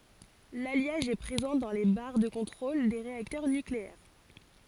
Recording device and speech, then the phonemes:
forehead accelerometer, read sentence
laljaʒ ɛ pʁezɑ̃ dɑ̃ le baʁ də kɔ̃tʁol de ʁeaktœʁ nykleɛʁ

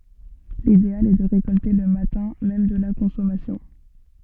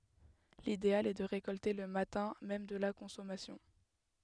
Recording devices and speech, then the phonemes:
soft in-ear microphone, headset microphone, read sentence
lideal ɛ də ʁekɔlte lə matɛ̃ mɛm də la kɔ̃sɔmasjɔ̃

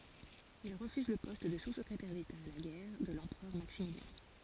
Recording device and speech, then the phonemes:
forehead accelerometer, read sentence
il ʁəfyz lə pɔst də suskʁetɛʁ deta a la ɡɛʁ də lɑ̃pʁœʁ maksimiljɛ̃

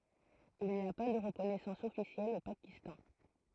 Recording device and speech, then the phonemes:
throat microphone, read sentence
il ni a pa də ʁəkɔnɛsɑ̃s ɔfisjɛl o pakistɑ̃

